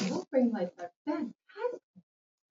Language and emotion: English, surprised